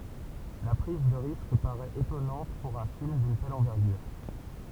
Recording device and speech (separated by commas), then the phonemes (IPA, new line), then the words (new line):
temple vibration pickup, read sentence
la pʁiz də ʁisk paʁɛt etɔnɑ̃t puʁ œ̃ film dyn tɛl ɑ̃vɛʁɡyʁ
La prise de risque paraît étonnante pour un film d'une telle envergure.